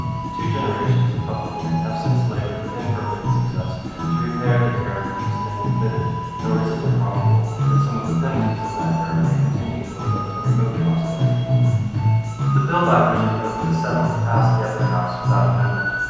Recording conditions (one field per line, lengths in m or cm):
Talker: one person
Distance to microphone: 7.1 m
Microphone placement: far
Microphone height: 1.7 m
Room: very reverberant, large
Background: music